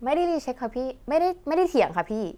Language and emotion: Thai, frustrated